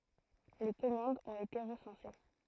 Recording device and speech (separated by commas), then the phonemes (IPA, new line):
throat microphone, read sentence
le kɔmɑ̃dz ɔ̃t ete ʁəsɑ̃se